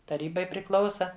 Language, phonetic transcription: Lithuanian, taˈrybai priˈklausa

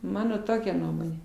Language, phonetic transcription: Lithuanian, ˈmano ˈtokia ˈnuomonė

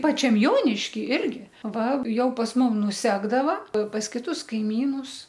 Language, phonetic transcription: Lithuanian, ˈpačiam ˈjoniški ˈirgi ˈva ˈjau pas ˈmum nuˈsekdava pas kiˈtus kaiˈmynus

